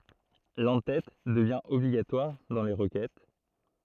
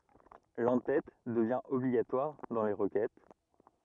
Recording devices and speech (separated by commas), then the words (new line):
throat microphone, rigid in-ear microphone, read sentence
L'en-tête devient obligatoire dans les requêtes.